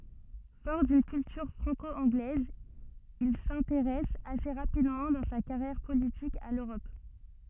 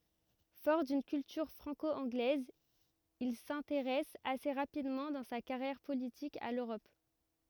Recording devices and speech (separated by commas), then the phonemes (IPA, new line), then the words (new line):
soft in-ear microphone, rigid in-ear microphone, read sentence
fɔʁ dyn kyltyʁ fʁɑ̃ko ɑ̃ɡlɛz il sɛ̃teʁɛs ase ʁapidmɑ̃ dɑ̃ sa kaʁjɛʁ politik a løʁɔp
Fort d'une culture franco-anglaise, il s'intéresse assez rapidement dans sa carrière politique à l'Europe.